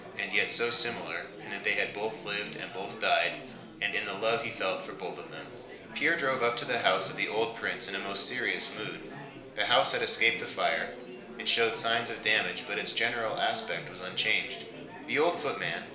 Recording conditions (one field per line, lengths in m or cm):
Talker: one person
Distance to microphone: 1.0 m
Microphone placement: close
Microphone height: 1.1 m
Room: small (3.7 m by 2.7 m)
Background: babble